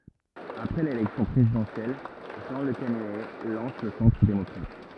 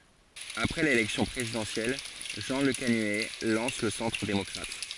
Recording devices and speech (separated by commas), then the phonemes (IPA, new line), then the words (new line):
rigid in-ear microphone, forehead accelerometer, read sentence
apʁɛ lelɛksjɔ̃ pʁezidɑ̃sjɛl ʒɑ̃ ləkanyɛ lɑ̃s lə sɑ̃tʁ demɔkʁat
Après l'élection présidentielle, Jean Lecanuet lance le Centre démocrate.